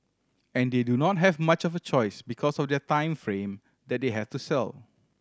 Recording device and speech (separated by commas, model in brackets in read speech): standing microphone (AKG C214), read sentence